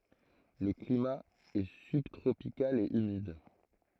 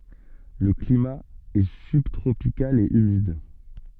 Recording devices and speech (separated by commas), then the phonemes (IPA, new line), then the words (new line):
throat microphone, soft in-ear microphone, read sentence
lə klima ɛ sybtʁopikal e ymid
Le climat est subtropical et humide.